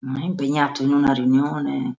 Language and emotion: Italian, disgusted